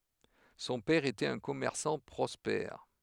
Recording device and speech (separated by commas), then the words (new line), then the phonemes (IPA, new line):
headset microphone, read sentence
Son père était un commerçant prospère.
sɔ̃ pɛʁ etɛt œ̃ kɔmɛʁsɑ̃ pʁɔspɛʁ